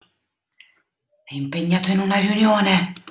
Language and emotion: Italian, fearful